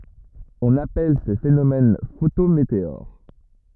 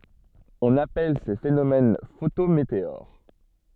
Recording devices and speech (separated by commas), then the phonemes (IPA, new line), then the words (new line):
rigid in-ear microphone, soft in-ear microphone, read sentence
ɔ̃n apɛl se fenomɛn fotometeoʁ
On appelle ces phénomènes photométéores.